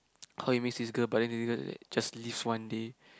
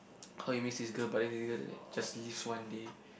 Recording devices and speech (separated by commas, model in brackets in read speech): close-talking microphone, boundary microphone, conversation in the same room